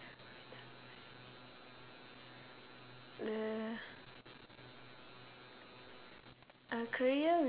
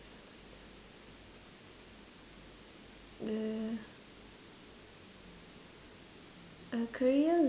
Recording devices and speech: telephone, standing microphone, conversation in separate rooms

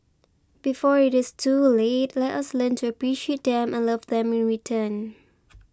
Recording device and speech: close-talking microphone (WH20), read sentence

